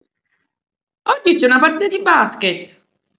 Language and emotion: Italian, happy